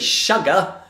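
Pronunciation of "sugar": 'Sugar' is pronounced incorrectly here.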